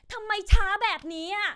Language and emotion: Thai, angry